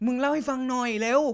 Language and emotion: Thai, happy